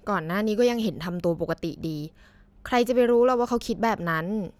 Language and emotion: Thai, frustrated